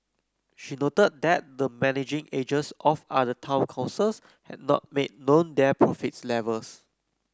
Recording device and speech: close-talking microphone (WH30), read sentence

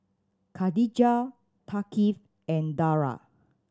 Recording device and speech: standing microphone (AKG C214), read sentence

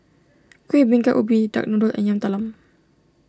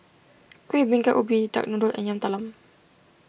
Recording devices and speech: standing microphone (AKG C214), boundary microphone (BM630), read sentence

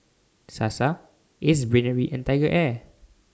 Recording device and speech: standing microphone (AKG C214), read sentence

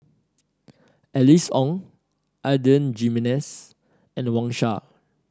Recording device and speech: standing microphone (AKG C214), read sentence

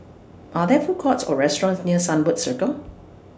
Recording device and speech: standing microphone (AKG C214), read sentence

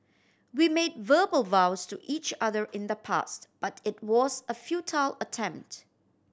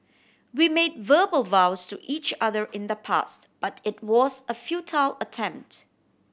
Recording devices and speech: standing microphone (AKG C214), boundary microphone (BM630), read sentence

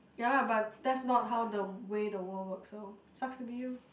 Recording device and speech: boundary microphone, conversation in the same room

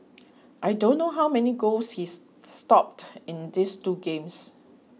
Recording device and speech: mobile phone (iPhone 6), read sentence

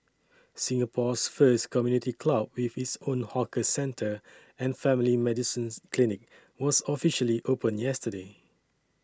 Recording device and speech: standing microphone (AKG C214), read sentence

